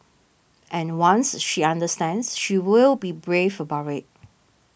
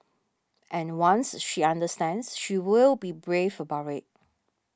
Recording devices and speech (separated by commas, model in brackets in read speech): boundary microphone (BM630), standing microphone (AKG C214), read sentence